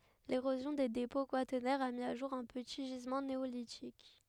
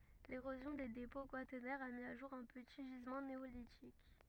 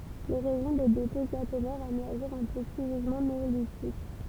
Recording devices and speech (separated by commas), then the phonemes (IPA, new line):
headset microphone, rigid in-ear microphone, temple vibration pickup, read sentence
leʁozjɔ̃ de depɔ̃ kwatɛʁnɛʁz a mi o ʒuʁ œ̃ pəti ʒizmɑ̃ neolitik